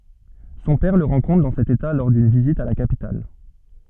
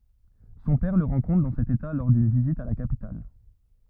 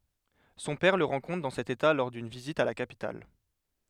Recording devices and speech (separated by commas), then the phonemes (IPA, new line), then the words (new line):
soft in-ear microphone, rigid in-ear microphone, headset microphone, read sentence
sɔ̃ pɛʁ lə ʁɑ̃kɔ̃tʁ dɑ̃ sɛt eta lɔʁ dyn vizit a la kapital
Son père le rencontre dans cet état lors d’une visite à la capitale.